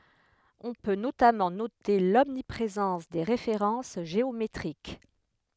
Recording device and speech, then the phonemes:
headset microphone, read sentence
ɔ̃ pø notamɑ̃ note lɔmnipʁezɑ̃s de ʁefeʁɑ̃s ʒeometʁik

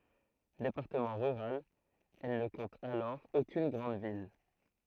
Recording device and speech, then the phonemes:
throat microphone, read sentence
depaʁtəmɑ̃ ʁyʁal ɛl nə kɔ̃t alɔʁ okyn ɡʁɑ̃d vil

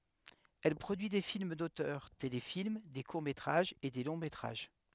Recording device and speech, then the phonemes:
headset microphone, read sentence
ɛl pʁodyi de film dotœʁ telefilm de kuʁ metʁaʒz e de lɔ̃ metʁaʒ

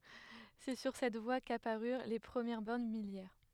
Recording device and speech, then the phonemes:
headset microphone, read sentence
sɛ syʁ sɛt vwa kapaʁyʁ le pʁəmjɛʁ bɔʁn miljɛʁ

